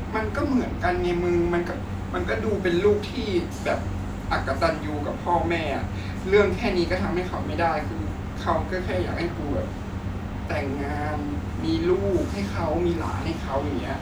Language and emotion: Thai, sad